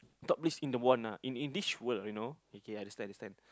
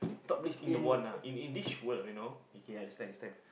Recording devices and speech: close-talking microphone, boundary microphone, conversation in the same room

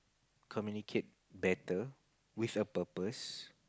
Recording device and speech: close-talking microphone, conversation in the same room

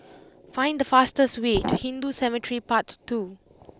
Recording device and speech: close-talking microphone (WH20), read sentence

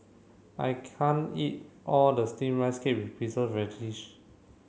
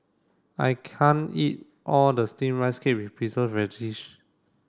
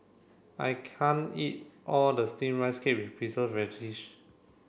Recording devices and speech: mobile phone (Samsung C7), standing microphone (AKG C214), boundary microphone (BM630), read sentence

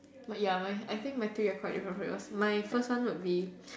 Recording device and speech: standing microphone, conversation in separate rooms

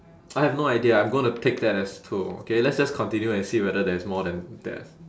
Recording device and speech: standing microphone, conversation in separate rooms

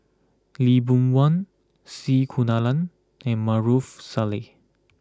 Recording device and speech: close-talking microphone (WH20), read sentence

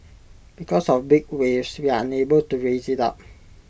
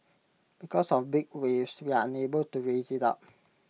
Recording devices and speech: boundary microphone (BM630), mobile phone (iPhone 6), read sentence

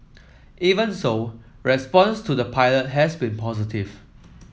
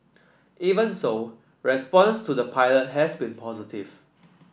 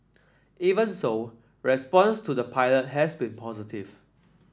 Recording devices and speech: mobile phone (iPhone 7), boundary microphone (BM630), standing microphone (AKG C214), read sentence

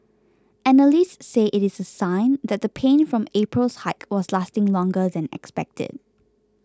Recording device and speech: close-talking microphone (WH20), read sentence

